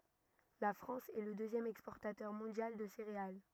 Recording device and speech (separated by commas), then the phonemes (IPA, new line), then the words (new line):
rigid in-ear microphone, read sentence
la fʁɑ̃s ɛ lə døzjɛm ɛkspɔʁtatœʁ mɔ̃djal də seʁeal
La France est le deuxième exportateur mondial de céréales.